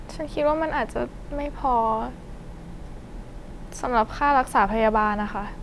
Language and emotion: Thai, sad